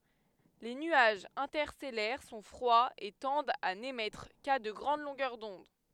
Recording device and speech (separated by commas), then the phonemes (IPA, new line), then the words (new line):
headset microphone, read sentence
le nyaʒz ɛ̃tɛʁstɛlɛʁ sɔ̃ fʁwaz e tɑ̃dt a nemɛtʁ ka də ɡʁɑ̃d lɔ̃ɡœʁ dɔ̃d
Les nuages interstellaires sont froids et tendent à n'émettre qu'à de grandes longueurs d'onde.